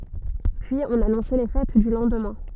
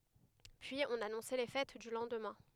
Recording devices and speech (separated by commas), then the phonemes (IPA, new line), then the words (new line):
soft in-ear microphone, headset microphone, read sentence
pyiz ɔ̃n anɔ̃sɛ le fɛt dy lɑ̃dmɛ̃
Puis on annonçait les fêtes du lendemain.